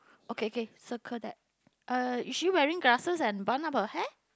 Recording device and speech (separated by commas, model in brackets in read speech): close-talking microphone, conversation in the same room